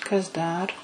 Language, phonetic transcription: Lithuanian, kas ˈdar

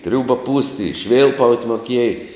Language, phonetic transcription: Lithuanian, ˈtriūba pūst' i ˈšvilpaut' moˈkiej

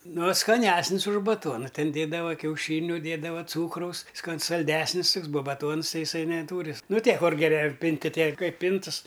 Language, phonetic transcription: Lithuanian, ˈno skaˈnesnis už baˈtuona ˈten ˈdėdava kiauˈšyniu ˈdiedava ˈcūkraus skan salˈdesnis ˈtuks buo baˈtuons ˈtai iˈsai neˈtūri ˈnu ˈtie ˈkur geˈre ˈpinti ˈtie ˈkaip ˈpintɨs

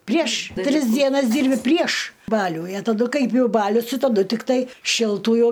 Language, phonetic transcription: Lithuanian, prieš ˈtris dieˈnas ˈdyrbi prieš ˈbalių i a taˈdu ˈkaip jau ˈbalius ti taˈdu tikˈtai šilˈtų jau

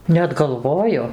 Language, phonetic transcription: Lithuanian, net galˈvoju

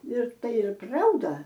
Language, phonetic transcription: Lithuanian, ir ˈtai ˈir ˈprauda

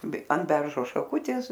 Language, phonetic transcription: Lithuanian, be an ˈberžo šaˈkutės

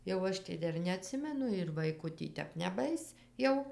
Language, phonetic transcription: Lithuanian, jau ˈaš tai ˈdar neaˈtsimenu ir ˈvaiku tį ˈtep neˈbais ˈjau

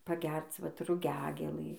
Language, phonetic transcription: Lithuanian, paˈgerc ˈvat ruˈgiagėlɨ

